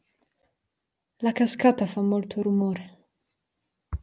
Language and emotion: Italian, fearful